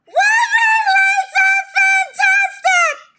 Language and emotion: English, sad